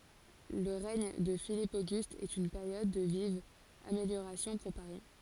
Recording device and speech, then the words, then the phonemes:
forehead accelerometer, read sentence
Le règne de Philippe Auguste est une période de vives améliorations pour Paris.
lə ʁɛɲ də filip oɡyst ɛt yn peʁjɔd də vivz ameljoʁasjɔ̃ puʁ paʁi

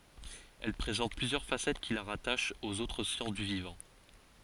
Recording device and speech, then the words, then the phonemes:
forehead accelerometer, read sentence
Elle présente plusieurs facettes qui la rattachent aux autres sciences du vivant.
ɛl pʁezɑ̃t plyzjœʁ fasɛt ki la ʁataʃt oz otʁ sjɑ̃s dy vivɑ̃

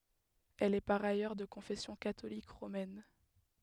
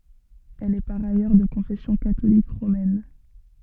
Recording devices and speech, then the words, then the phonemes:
headset microphone, soft in-ear microphone, read sentence
Elle est par ailleurs de confession catholique romaine.
ɛl ɛ paʁ ajœʁ də kɔ̃fɛsjɔ̃ katolik ʁomɛn

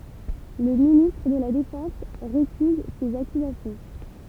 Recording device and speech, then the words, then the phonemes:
temple vibration pickup, read sentence
Le ministre de la Défense récuse ces accusations.
lə ministʁ də la defɑ̃s ʁekyz sez akyzasjɔ̃

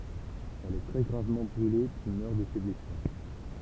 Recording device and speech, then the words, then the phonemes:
temple vibration pickup, read sentence
Elle est très gravement brûlée puis meurt de ses blessures.
ɛl ɛ tʁɛ ɡʁavmɑ̃ bʁyle pyi mœʁ də se blɛsyʁ

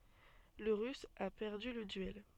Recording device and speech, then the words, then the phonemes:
soft in-ear microphone, read sentence
Le russe a perdu le duel.
lə ʁys a pɛʁdy lə dyɛl

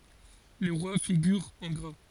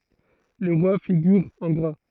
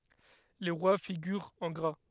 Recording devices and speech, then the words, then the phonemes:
forehead accelerometer, throat microphone, headset microphone, read sentence
Les rois figurent en gras.
le ʁwa fiɡyʁt ɑ̃ ɡʁa

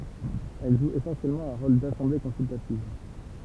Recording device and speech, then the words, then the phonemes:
temple vibration pickup, read sentence
Elle joue essentiellement un rôle d'assemblée consultative.
ɛl ʒu esɑ̃sjɛlmɑ̃ œ̃ ʁol dasɑ̃ble kɔ̃syltativ

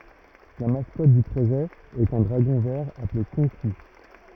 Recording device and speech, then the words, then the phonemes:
rigid in-ear microphone, read sentence
La mascotte du projet est un dragon vert appelé Konqi.
la maskɔt dy pʁoʒɛ ɛt œ̃ dʁaɡɔ̃ vɛʁ aple kɔ̃ki

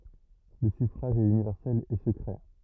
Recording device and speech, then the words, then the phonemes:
rigid in-ear microphone, read sentence
Le suffrage est universel et secret.
lə syfʁaʒ ɛt ynivɛʁsɛl e səkʁɛ

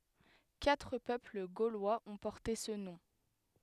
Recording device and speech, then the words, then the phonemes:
headset microphone, read sentence
Quatre peuples gaulois ont porté ce nom.
katʁ pøpl ɡolwaz ɔ̃ pɔʁte sə nɔ̃

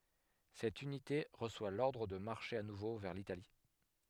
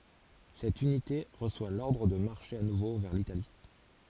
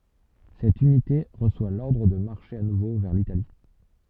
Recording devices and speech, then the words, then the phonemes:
headset microphone, forehead accelerometer, soft in-ear microphone, read sentence
Cette unité reçoit l'ordre de marcher à nouveau vers l'Italie.
sɛt ynite ʁəswa lɔʁdʁ də maʁʃe a nuvo vɛʁ litali

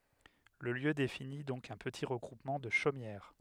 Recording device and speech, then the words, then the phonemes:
headset microphone, read sentence
Le lieu définit donc un petit regroupement de chaumières.
lə ljø defini dɔ̃k œ̃ pəti ʁəɡʁupmɑ̃ də ʃomjɛʁ

